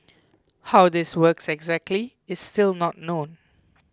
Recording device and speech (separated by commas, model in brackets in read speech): close-talking microphone (WH20), read sentence